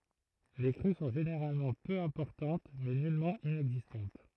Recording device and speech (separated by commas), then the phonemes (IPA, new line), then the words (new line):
throat microphone, read sentence
le kʁy sɔ̃ ʒeneʁalmɑ̃ pø ɛ̃pɔʁtɑ̃t mɛ nylmɑ̃ inɛɡzistɑ̃t
Les crues sont généralement peu importantes mais nullement inexistantes.